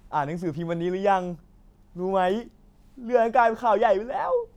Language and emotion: Thai, happy